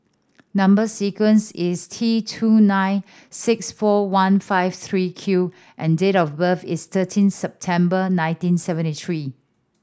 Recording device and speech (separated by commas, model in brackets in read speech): standing microphone (AKG C214), read sentence